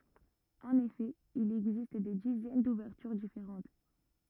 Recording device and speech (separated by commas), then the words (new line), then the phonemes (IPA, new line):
rigid in-ear microphone, read sentence
En effet, il existe des dizaines d'ouvertures différentes.
ɑ̃n efɛ il ɛɡzist de dizɛn duvɛʁtyʁ difeʁɑ̃t